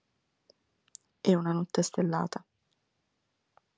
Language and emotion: Italian, sad